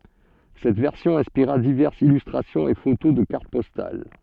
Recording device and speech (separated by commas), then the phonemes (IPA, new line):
soft in-ear microphone, read sentence
sɛt vɛʁsjɔ̃ ɛ̃spiʁa divɛʁsz ilystʁasjɔ̃z e foto də kaʁt pɔstal